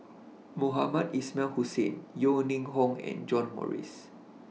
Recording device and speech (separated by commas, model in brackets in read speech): mobile phone (iPhone 6), read sentence